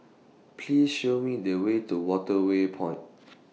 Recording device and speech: mobile phone (iPhone 6), read sentence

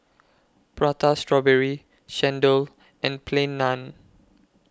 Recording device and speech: close-talking microphone (WH20), read sentence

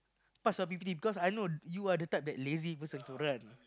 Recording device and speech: close-talking microphone, conversation in the same room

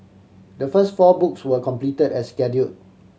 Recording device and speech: mobile phone (Samsung C7100), read sentence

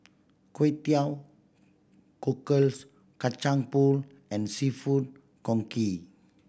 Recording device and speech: boundary microphone (BM630), read sentence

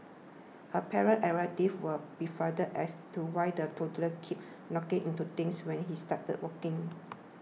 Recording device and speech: mobile phone (iPhone 6), read sentence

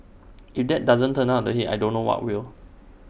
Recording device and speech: boundary microphone (BM630), read sentence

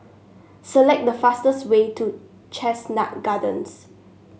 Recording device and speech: mobile phone (Samsung S8), read sentence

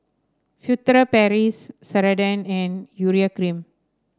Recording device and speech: standing microphone (AKG C214), read sentence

